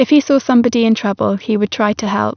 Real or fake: real